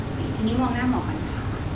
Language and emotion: Thai, neutral